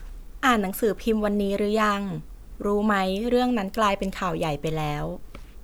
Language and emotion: Thai, neutral